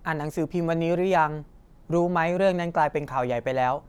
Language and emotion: Thai, neutral